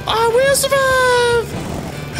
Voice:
high pitched